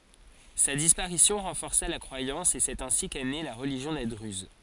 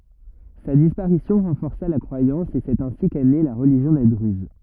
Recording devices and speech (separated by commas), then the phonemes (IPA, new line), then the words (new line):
forehead accelerometer, rigid in-ear microphone, read sentence
sa dispaʁisjɔ̃ ʁɑ̃fɔʁsa la kʁwajɑ̃s e sɛt ɛ̃si kɛ ne la ʁəliʒjɔ̃ de dʁyz
Sa disparition renforça la croyance et c'est ainsi qu'est née la religion des druzes.